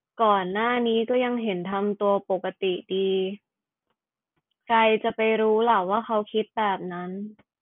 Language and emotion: Thai, frustrated